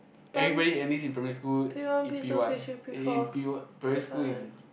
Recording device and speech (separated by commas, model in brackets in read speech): boundary microphone, conversation in the same room